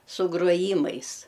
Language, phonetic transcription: Lithuanian, su gruoˈjymais

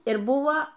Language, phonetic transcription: Lithuanian, ir ˈbuo

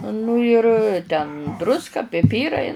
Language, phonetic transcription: Lithuanian, ˈnu ir ten ˈdruska piˈpyrai

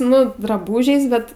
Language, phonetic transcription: Lithuanian, ˈnu draˈbūžiais ˈbet

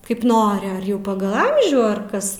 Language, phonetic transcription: Lithuanian, kaip ˈnori ar ˈjau ˈpagal ˈamžių ar ˈkas

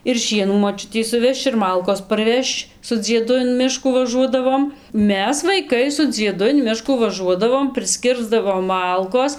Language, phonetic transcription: Lithuanian, ir ˈšienų moˈčiutei suˈvežč ir ˈmalkos parˈvežč su dzieˈdu in ˈmiškų ˈvažuodavom ˈmes vaiˈkai su dzieˈdu in ˈmiškų vaˈžuodavom prisˈkirsdavom ˈmalkos

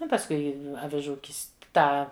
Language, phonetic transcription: Lithuanian, ˈnu pasˈkui aviˈžų ˈkist ˈtą

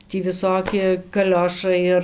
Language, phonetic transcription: Lithuanian, tį viˈsoki kaˈliošai ir

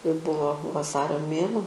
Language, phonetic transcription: Lithuanian, jau ˈbuvo vaˈsario ˈmėnuo

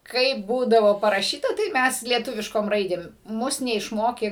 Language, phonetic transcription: Lithuanian, ˈkaip ˈbūdavo paraˈšyta tai ˈmes lieˈtuviškom ˈraidėm ˈmus neišˈmokė

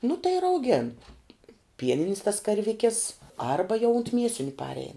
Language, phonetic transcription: Lithuanian, nu tai ir auˈgėn ˈpieninis tas karˈvikis ˈarba jau unt ˈmiesiniu ˈparein

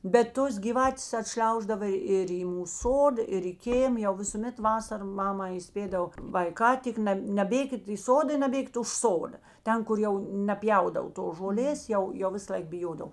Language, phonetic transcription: Lithuanian, bet ˈtos gyˈvatės aˈtšliauždava ir į ˈmūs ˈsoda ir i ˈkėm jau visuˈmet ˈvasara ˈmama įˈspėdav vaiˈkā ˈtik neˈbėkit į ˈsoda i naˈbėkit už ˈsoda ˈten kur ˈjau neˈpjaudav tos žoˈlės ˈjau ˈjau ˈvisalaik biˈjodav

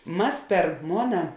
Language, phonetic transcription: Lithuanian, ˈmas per ˈmona

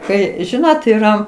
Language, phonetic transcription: Lithuanian, ˈkai ˈžinot yˈra

